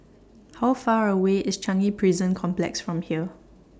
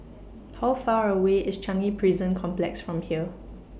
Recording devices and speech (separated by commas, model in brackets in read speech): standing microphone (AKG C214), boundary microphone (BM630), read sentence